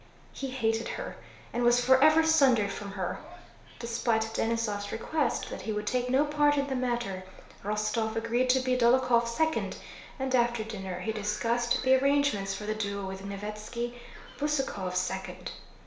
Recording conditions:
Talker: one person; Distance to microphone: 1.0 m; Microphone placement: close; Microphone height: 1.1 m; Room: small (3.7 m by 2.7 m); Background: television

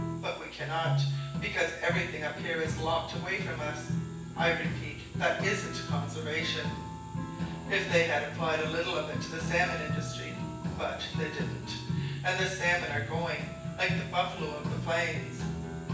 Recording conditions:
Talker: one person; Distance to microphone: 9.8 m; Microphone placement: far; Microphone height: 1.8 m; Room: large; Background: music

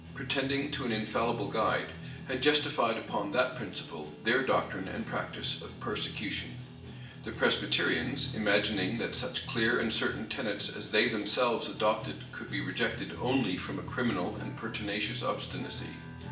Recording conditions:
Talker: one person; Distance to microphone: 1.8 m; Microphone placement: close; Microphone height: 1.0 m; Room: large; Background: music

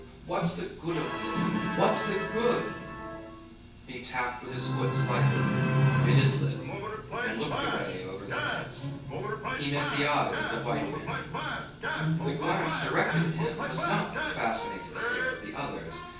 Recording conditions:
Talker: one person; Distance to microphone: 9.8 m; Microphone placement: far; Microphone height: 1.8 m; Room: large; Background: television

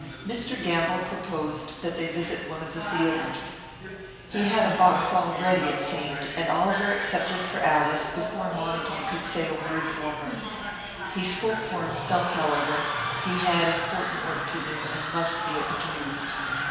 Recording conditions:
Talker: one person; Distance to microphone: 1.7 m; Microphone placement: close; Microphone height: 1.0 m; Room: very reverberant, large; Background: television

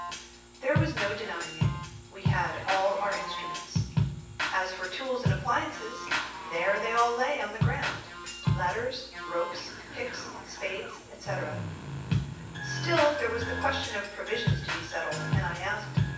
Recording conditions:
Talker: one person; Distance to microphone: 9.8 m; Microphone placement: far; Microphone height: 1.8 m; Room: large; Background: music

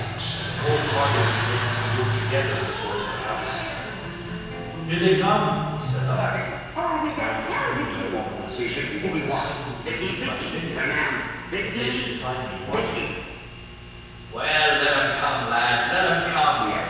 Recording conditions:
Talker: one person; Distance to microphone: 7.1 m; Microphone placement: far; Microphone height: 1.7 m; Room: very reverberant, large; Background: television

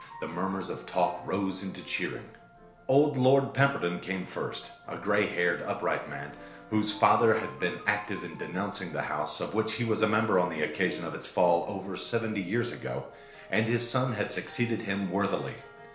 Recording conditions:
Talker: one person; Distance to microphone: 1.0 m; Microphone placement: close; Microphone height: 1.1 m; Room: small (3.7 m by 2.7 m); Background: music

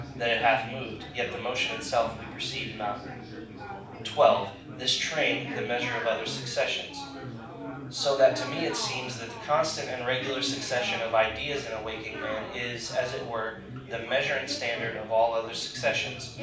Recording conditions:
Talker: one person; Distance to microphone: 5.8 m; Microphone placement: far; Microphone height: 1.8 m; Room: medium-sized (5.7 m by 4.0 m); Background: babble

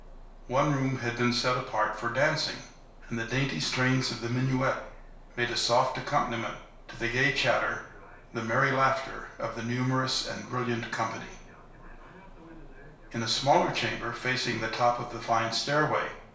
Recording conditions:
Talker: one person; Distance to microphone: 1.0 m; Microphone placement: close; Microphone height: 1.1 m; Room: small (3.7 m by 2.7 m); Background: television

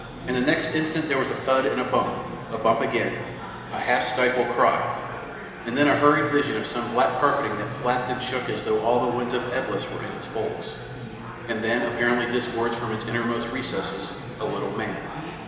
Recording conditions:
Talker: one person; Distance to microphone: 1.7 m; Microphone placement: close; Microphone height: 1.0 m; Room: very reverberant, large; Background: babble

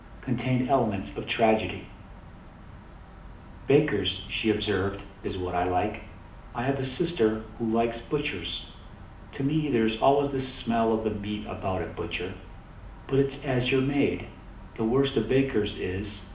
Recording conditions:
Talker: one person; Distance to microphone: 2.0 m; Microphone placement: close; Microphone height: 99 cm; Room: medium-sized (5.7 m by 4.0 m); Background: none

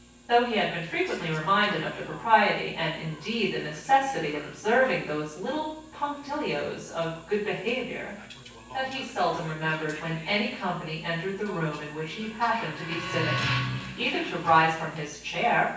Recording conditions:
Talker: one person; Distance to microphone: 9.8 m; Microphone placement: far; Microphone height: 1.8 m; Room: large; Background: television

